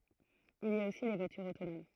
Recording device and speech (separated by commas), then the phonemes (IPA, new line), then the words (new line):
throat microphone, read sentence
il i a osi le vwatyʁz otonom
Il y a aussi les voitures autonomes.